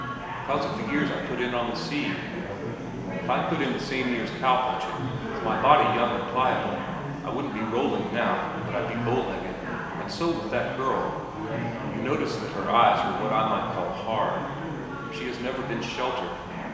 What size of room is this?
A large, very reverberant room.